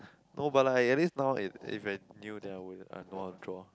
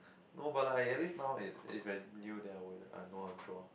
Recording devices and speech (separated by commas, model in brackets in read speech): close-talking microphone, boundary microphone, conversation in the same room